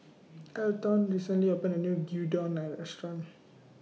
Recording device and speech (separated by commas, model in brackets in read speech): mobile phone (iPhone 6), read sentence